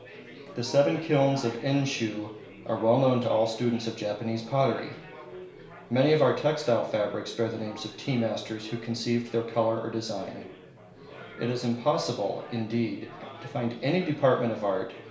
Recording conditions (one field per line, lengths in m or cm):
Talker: one person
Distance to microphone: 1.0 m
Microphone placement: close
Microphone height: 1.1 m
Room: small (3.7 m by 2.7 m)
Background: babble